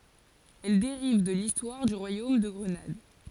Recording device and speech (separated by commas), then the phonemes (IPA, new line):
forehead accelerometer, read sentence
ɛl deʁiv də listwaʁ dy ʁwajom də ɡʁənad